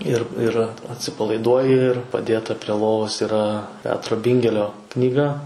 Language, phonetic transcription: Lithuanian, ir ir atsipalaiˈduoji ir paˈdėta prie ˈlovos yˈra ˈpetro ˈbingelio knyˈga

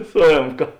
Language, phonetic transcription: Lithuanian, su ˈėmka

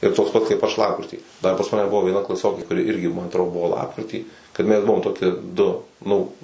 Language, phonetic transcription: Lithuanian, ir ˈtoks pat kaip ˈaš ˈlapkritį dar pas ˈmane ˈbuvo vieˈna klaˈsiokė kuˈri ˈirgi ˈman atˈro ˈbuvo ˈlapkritį kad ˈmes ˈbuvom ˈtokie ˈdu ˈnu

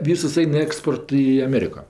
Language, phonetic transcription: Lithuanian, ˈvysus ˈain ˈeksport i aˈmėriko

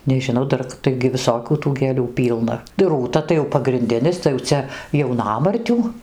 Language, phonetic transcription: Lithuanian, nežinˈau ˈdar ˈtaigi viˈsokių tų gėˈlių ˈpylna ˈrūta tai jau pagrinˈdinis tai jau ˈcia jauˈnamartių

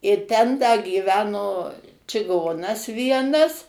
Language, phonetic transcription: Lithuanian, ir ˈten da gyˈveno čiˈgonas ˈvienas

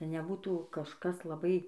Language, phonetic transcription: Lithuanian, neˈbūtų kažˈkas laˈbai

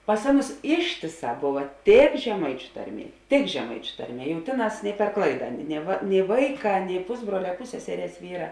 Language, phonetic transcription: Lithuanian, pas ˈaˌnus ˈištėˌsā ˈbova tėk žeˈmaičiu ˈtarˌmie tik žeˈmaičiu ˈtarˌmie jau ˈtėˌnās per ˈklaida ne va nei ˈvaiˌkā nei ˈpusbruole ˈpusseserės ˈvyra

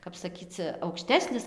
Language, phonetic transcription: Lithuanian, kap saˈkyc aukˈštesnis

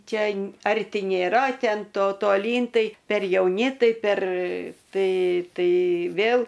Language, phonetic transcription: Lithuanian, ˈčia ˈarti nėˈra ˈten ˈto toˈlyn ˈtai per jauˈni ˈtai per ˈtai ˈtai ˈvėl

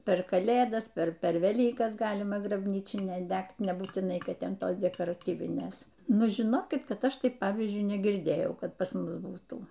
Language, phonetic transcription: Lithuanian, per kaˈlėdas ˈper ˈper veˈlykas ˈgalima grabˈnyčinę ˈdegt nebūtiˈnai ˈkad ˈten ˈtos dekoraˈtyvinės ˈnu žiˈnokit ˈkad ˈaš ˈtaip ˈpavyzdžiui negirˈdėjau ˈkad pas ˈmus ˈbūtų

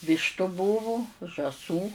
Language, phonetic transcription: Lithuanian, ˈvyštu ˈbūvu žąˈsų

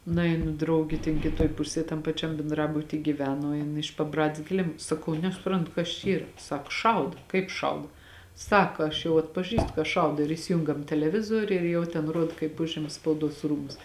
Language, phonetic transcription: Lithuanian, nuˈeinu drauˈgi ten kiˈtuoj ˈpusėj tam paˈčiam benˈdrabuty gyˈveno ˈjin iš paˈbradės kiˈlim saˈkau nesuˈprantu kas čia ˈyra ˈsak ˈšaud kaip ˈšaud ˈsaka aš jau atpaˈžįstu ka ˈšaudo ir įsiˈjungam teleˈvizoriu ir jau ten ˈruod kaip ˈužima spauˈduos ˈrūmus

